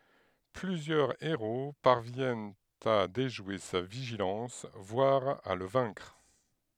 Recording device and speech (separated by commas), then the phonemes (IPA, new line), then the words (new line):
headset microphone, read sentence
plyzjœʁ eʁo paʁvjɛnt a deʒwe sa viʒilɑ̃s vwaʁ a lə vɛ̃kʁ
Plusieurs héros parviennent à déjouer sa vigilance, voire à le vaincre.